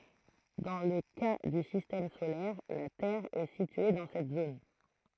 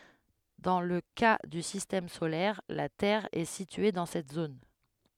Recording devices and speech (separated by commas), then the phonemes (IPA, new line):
throat microphone, headset microphone, read sentence
dɑ̃ lə ka dy sistɛm solɛʁ la tɛʁ ɛ sitye dɑ̃ sɛt zon